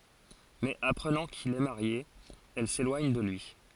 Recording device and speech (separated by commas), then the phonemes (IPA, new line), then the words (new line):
forehead accelerometer, read sentence
mɛz apʁənɑ̃ kil ɛ maʁje ɛl selwaɲ də lyi
Mais apprenant qu'il est marié, elle s'éloigne de lui.